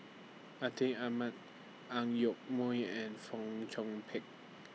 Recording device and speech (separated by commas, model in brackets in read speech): mobile phone (iPhone 6), read sentence